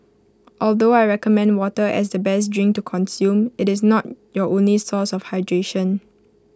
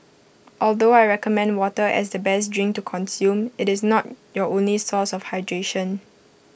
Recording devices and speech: close-talking microphone (WH20), boundary microphone (BM630), read sentence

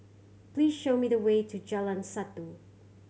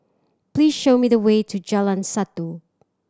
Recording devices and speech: mobile phone (Samsung C7100), standing microphone (AKG C214), read sentence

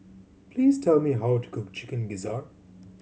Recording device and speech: mobile phone (Samsung C7100), read sentence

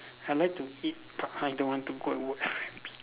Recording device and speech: telephone, conversation in separate rooms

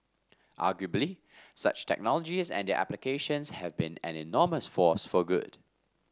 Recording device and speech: standing microphone (AKG C214), read sentence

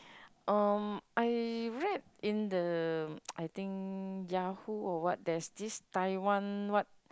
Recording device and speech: close-talking microphone, conversation in the same room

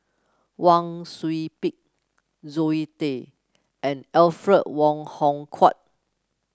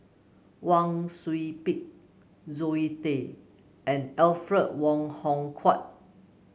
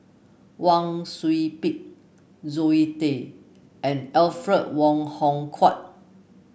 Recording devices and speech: close-talking microphone (WH30), mobile phone (Samsung C9), boundary microphone (BM630), read sentence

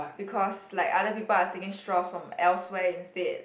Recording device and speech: boundary microphone, conversation in the same room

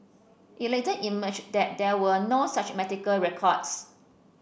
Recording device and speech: boundary microphone (BM630), read sentence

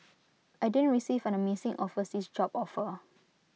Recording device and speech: mobile phone (iPhone 6), read sentence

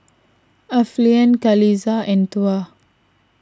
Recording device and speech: standing microphone (AKG C214), read sentence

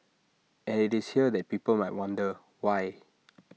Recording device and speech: mobile phone (iPhone 6), read sentence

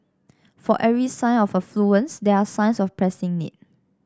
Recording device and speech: standing microphone (AKG C214), read sentence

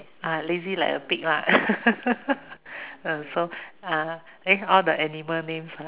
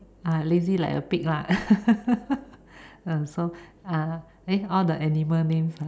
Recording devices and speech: telephone, standing microphone, conversation in separate rooms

